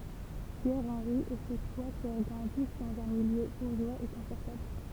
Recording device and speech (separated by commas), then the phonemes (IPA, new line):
temple vibration pickup, read sentence
pjɛʁ ɑ̃ʁi e se tʁwa sœʁ ɡʁɑ̃dis dɑ̃z œ̃ miljø buʁʒwaz e kɔ̃fɔʁtabl